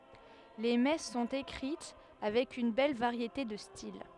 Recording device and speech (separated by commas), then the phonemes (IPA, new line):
headset microphone, read sentence
le mɛs sɔ̃t ekʁit avɛk yn bɛl vaʁjete də stil